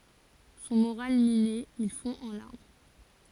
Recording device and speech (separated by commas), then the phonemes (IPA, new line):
forehead accelerometer, read sentence
sɔ̃ moʁal mine il fɔ̃ ɑ̃ laʁm